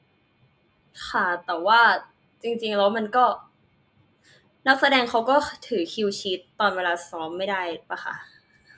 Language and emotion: Thai, frustrated